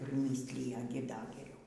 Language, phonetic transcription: Lithuanian, priˈmyslija ˈgi ˈda geˈriau

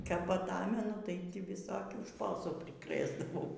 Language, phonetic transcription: Lithuanian, kap aˈtamenu tai ti viˈsokių ˈšposų priˈkrɘsdavau

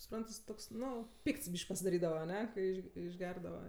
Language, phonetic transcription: Lithuanian, suˈprant jis ˈtoks ˈnu ˈpykts ˈbyš'k' pasidaˈrydava aˈne kai ˈiš išˈgerdava

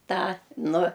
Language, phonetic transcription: Lithuanian, ˈtą ˈnu

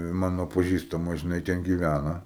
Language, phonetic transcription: Lithuanian, ˈmano paˈžįstama žiˈnai ten gyˈvæna

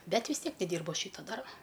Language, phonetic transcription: Lithuanian, ˈbet vis ˈtiek neˈdyrbu ˈaš ˈšyto ˈdarbo

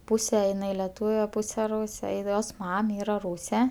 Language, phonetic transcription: Lithuanian, ˈpūse iˈnai leˈtūve ˈpūse ˈrūse i ˈjos ˈmam ˈyra ˈrūse

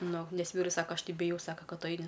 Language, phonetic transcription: Lithuanian, ˈnu ˈnes ˈvyrus ˈsaka ˈaš ˈtai biˈjau ˈsaka ˈkad ˈtu ˈaini

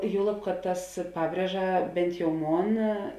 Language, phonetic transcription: Lithuanian, ˈjuolab kad tas ˈpabrieža bent jau ˈmon

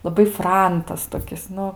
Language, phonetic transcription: Lithuanian, laˈbai ˈfrantas toˈkis ˈnu

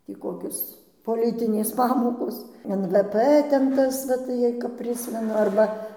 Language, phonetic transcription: Lithuanian, ˈtį ˈkokios poˈlitinės ˈpamokos en vɘ ˈpɘ ˈten ˈtas va tai jei kap ˈprismenu ˈarba

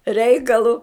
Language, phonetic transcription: Lithuanian, ˈreikalu

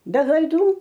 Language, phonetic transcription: Lithuanian, be klaiˈdų

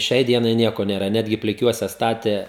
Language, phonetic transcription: Lithuanian, ˈšiai ˈdienai ˈnieko nėˈra ˈnetgi pliˈkiuose ˈstatė

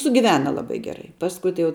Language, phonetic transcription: Lithuanian, sugiˈvena laˈbai geˈrai ˈpaskui tai jau

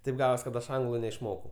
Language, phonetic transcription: Lithuanian, ˈtaip ˈgavos kad ˈaš ˈanglu neišˈmokau

